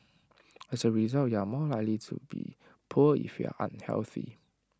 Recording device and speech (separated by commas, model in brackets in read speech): standing microphone (AKG C214), read sentence